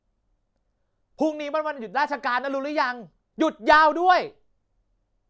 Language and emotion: Thai, angry